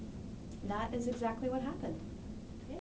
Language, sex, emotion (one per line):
English
female
neutral